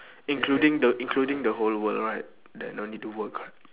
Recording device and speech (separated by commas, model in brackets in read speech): telephone, conversation in separate rooms